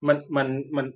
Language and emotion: Thai, frustrated